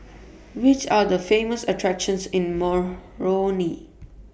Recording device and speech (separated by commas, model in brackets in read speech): boundary microphone (BM630), read sentence